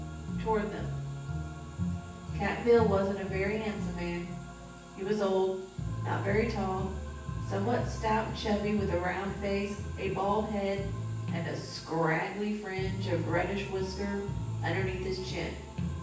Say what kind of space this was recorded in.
A large space.